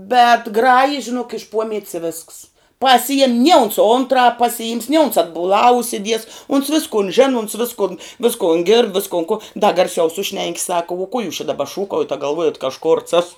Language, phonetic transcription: Lithuanian, bet ˈgraji žiˈnuok iš ˈpuomiet's i vėsks paˈsijem nie uns ˈuntrāp pasiˈjims ni uns atbuˈlā užsiˈdies uns ˈviskun ˈžinu uns ˈviskun ˈviskon gird ˈviskon ku da garˈsiau ˈsušnenki sak uo kuo jūs čia daˈba ˈšūkaujat a galˈvuojat ka aš kurts ˈasu

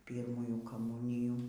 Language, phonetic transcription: Lithuanian, ˈpyrmųjų kaˈmūnijų

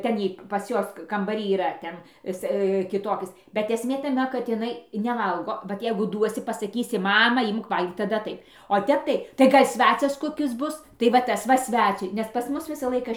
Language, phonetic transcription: Lithuanian, ˈten y pas ˈjuos kambaˈry yˈra ˈten ˈis kiˈtokis bet esˈmė taˈme kad iˈnai neˈvalgo vat ˈjeigu ˈduosi pasaˈkysi ˈmama ˈimk ˈvalgyk taˈda ˈtaip o ˈtep tai tai ˈgal' ˈsvecias ˈkokis ˈbus tai va ˈtas va ˈsvæciui nes ˈpas ˈmus ˈvisa ˈlaika

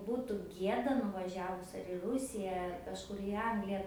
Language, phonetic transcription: Lithuanian, ˈbūtu ˈgieda nuvaˈžiavus ar i ˈrusija ar kažˈkur i ˈanglija

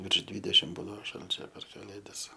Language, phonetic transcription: Lithuanian, virš ˈdvydešim ˈbūdavo ˈšalčio per kaˈlėdas

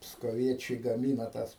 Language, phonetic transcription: Lithuanian, pskoˈviečiai gaˈmyna tas

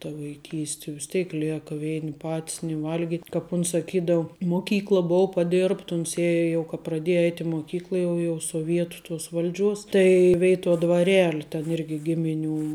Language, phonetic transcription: Lithuanian, ta vaiˈkysti vis ˈtėik ˈlėka ˈveini ˈpat's ni ˈvalgit' kap ˈuns saˈkydau moˈkykla ˈbuu paˈdirbt ˈuns ˈėja jau ka praˈdėja ˈeit' i moˈkykla jau jau soˈvietu tuos ˈval'ˌdžiuos tai ˈveituo dvaˈreli ten ˈirgi ˈgimiˌnių

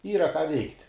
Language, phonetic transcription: Lithuanian, ˈyra ką veikt'

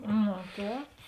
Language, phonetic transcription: Lithuanian, no ˈtēp

